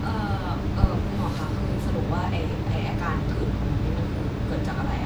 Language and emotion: Thai, frustrated